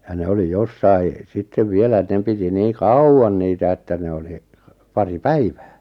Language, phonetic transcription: Finnish, ja 'ne oli 'jossai , 'sittev 'vielä et- 'ne piti 'nii "kauwan 'niitä että 'ne oli , 'pari "päivᴀ̈ᴀ̈ .
- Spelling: ja ne oli jossakin sitten vielä - ne piti niin kauan niitä että ne oli pari päivää

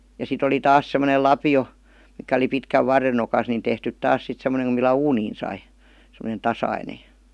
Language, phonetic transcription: Finnish, ja sit ‿oli "taas sem°nel "lapi₍o , mikä oli pitkäv "varren̆ nokas nin 'tehtyt "taas sit sem̆m°neŋ ku millä "uuniin sai , semonen̬ 'tasaine .
- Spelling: ja sitten oli taas semmoinen lapio mikä oli pitkän varren nokassa niin tehty taas sitten semmoinen kun millä uuniin sai semmoinen tasainen

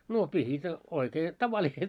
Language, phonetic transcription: Finnish, 'no pihit , oikee , 'tavaliset .
- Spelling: no pihdit oikein tavalliset

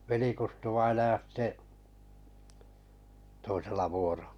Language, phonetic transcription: Finnish, 'veli-Kustu-vainaja sⁱtte , 'toisella vuoro(l)- .
- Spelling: veli-Kustu-vainaja sitten toisella -

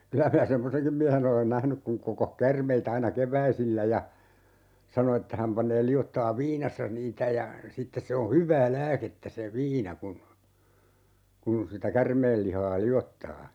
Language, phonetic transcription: Finnish, 'kylä minä "semmoseŋkim miähe'n ‿olen "nähnyk kuŋ 'kokoh "kärmei't ‿aina "kev̀äisillä ja , 'sano että häm 'paǹee 'li₍otta₍ev "viinassa 'niitä ja , 'sittes se o "hyv̀ää 'lääkettä se "viina kun , 'kun sitä "kärmeel lihaa 'li₍ottaa .
- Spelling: kyllä minä semmoisenkin miehen olen nähnyt kun kokosi käärmeitä aina keväisillä ja sanoi että hän panee liottaen viinassa niitä ja sitten se on hyvää lääkettä se viina kun kun sitä käärmeen lihaa liottaa

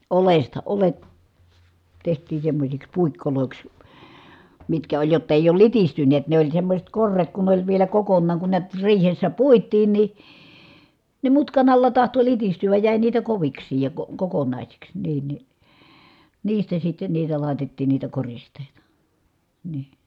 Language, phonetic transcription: Finnish, olesta , ole(t) , teht̀ii semmośiks puikkolòiks , mitkä oĺ jott ‿èij ‿ool litistynneet ne oĺ semmośet korret kun ne ‿oĺ vielä kokonnaaŋ kun niät , riihessä puit̀iin ni , ne mutkan ‿alla tahto litisty₍äj jä̀i niitä koviks̀iij ja ko- , kokonàisiks , niin ni , niistä sitten niitä lài̮tettiin niitä korist̀èita , nii .
- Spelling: oljesta oljet tehtiin semmoisiksi puikoiksi mitkä oli jotta ei ole litistyneet ne oli semmoiset korret kun ne oli vielä kokonaan kun näet riihessä puitiin niin ne mutkan alla tahtoi litistyä jäi niitä koviksikin ja - kokonaisiksi niin niin niistä sitten niitä laitettiin niitä koristeita niin

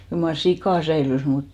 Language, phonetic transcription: Finnish, kyl mar "sikà 'säilys mut ,.
- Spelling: kyllä mar sika säilyi mutta

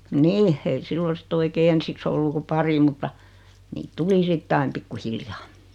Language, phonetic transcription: Finnish, nii , ei 'siilo sitt ‿oikee 'ensiks ‿ollu ku 'pari mutta , niit 'tuli 'sit"t ‿aim 'pikku'hiljaa .
- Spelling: niin ei silloin sitten oikein ensiksi ollut kuin pari mutta niitä tuli sitten aina pikkuhiljaa

